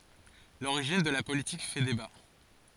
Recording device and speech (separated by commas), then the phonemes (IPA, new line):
forehead accelerometer, read sentence
loʁiʒin də la politik fɛ deba